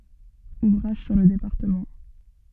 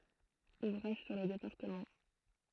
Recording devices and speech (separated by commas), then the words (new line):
soft in-ear microphone, throat microphone, read sentence
Ouvrages sur le département.